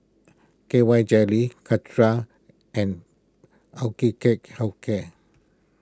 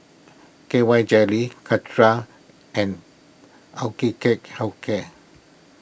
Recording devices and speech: close-talking microphone (WH20), boundary microphone (BM630), read sentence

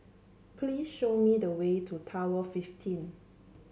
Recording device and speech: mobile phone (Samsung C7), read sentence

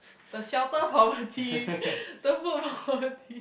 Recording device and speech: boundary microphone, conversation in the same room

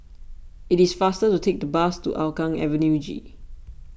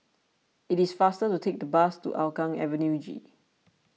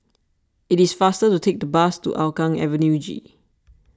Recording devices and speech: boundary microphone (BM630), mobile phone (iPhone 6), standing microphone (AKG C214), read sentence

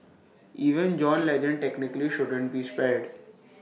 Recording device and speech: mobile phone (iPhone 6), read sentence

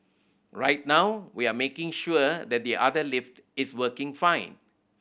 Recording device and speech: boundary microphone (BM630), read sentence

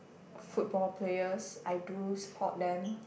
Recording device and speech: boundary microphone, conversation in the same room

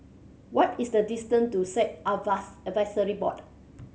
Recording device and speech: mobile phone (Samsung C7100), read sentence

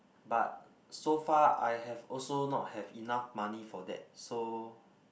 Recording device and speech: boundary microphone, conversation in the same room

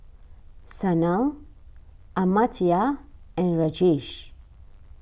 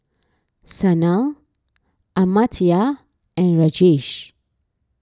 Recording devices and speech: boundary microphone (BM630), standing microphone (AKG C214), read sentence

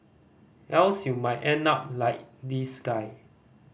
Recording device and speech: boundary microphone (BM630), read sentence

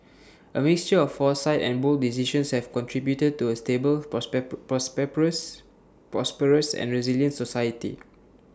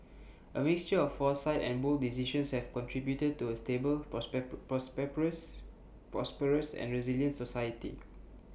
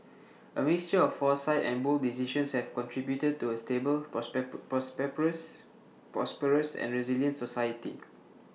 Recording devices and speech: standing microphone (AKG C214), boundary microphone (BM630), mobile phone (iPhone 6), read sentence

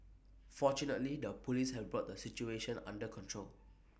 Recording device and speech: boundary microphone (BM630), read sentence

